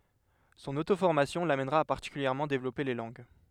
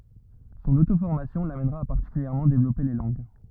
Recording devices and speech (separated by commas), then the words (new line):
headset microphone, rigid in-ear microphone, read sentence
Son autoformation l'amènera à particulièrement développer les langues.